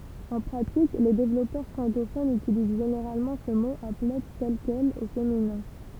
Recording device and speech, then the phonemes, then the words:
temple vibration pickup, read sentence
ɑ̃ pʁatik le devlɔpœʁ fʁɑ̃kofonz ytiliz ʒeneʁalmɑ̃ sə mo aplɛ tɛl kɛl o feminɛ̃
En pratique, les développeurs francophones utilisent généralement ce mot applet tel quel, au féminin.

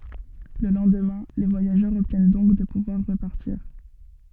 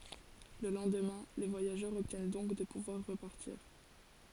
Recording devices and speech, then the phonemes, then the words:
soft in-ear microphone, forehead accelerometer, read sentence
lə lɑ̃dmɛ̃ le vwajaʒœʁz ɔbtjɛn dɔ̃k də puvwaʁ ʁəpaʁtiʁ
Le lendemain, les voyageurs obtiennent donc de pouvoir repartir.

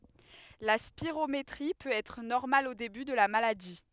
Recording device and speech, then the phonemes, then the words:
headset microphone, read sentence
la spiʁometʁi pøt ɛtʁ nɔʁmal o deby də la maladi
La spirométrie peut être normale au début de la maladie.

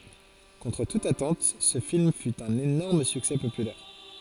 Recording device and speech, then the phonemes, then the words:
forehead accelerometer, read sentence
kɔ̃tʁ tut atɑ̃t sə film fy œ̃n enɔʁm syksɛ popylɛʁ
Contre toute attente ce film fut un énorme succès populaire.

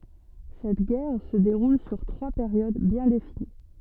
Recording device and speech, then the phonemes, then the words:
soft in-ear microphone, read sentence
sɛt ɡɛʁ sə deʁul syʁ tʁwa peʁjod bjɛ̃ defini
Cette guerre se déroule sur trois périodes bien définies.

